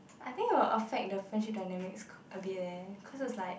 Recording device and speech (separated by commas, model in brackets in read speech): boundary microphone, conversation in the same room